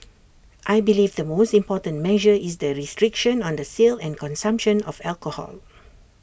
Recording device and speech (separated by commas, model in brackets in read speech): boundary microphone (BM630), read sentence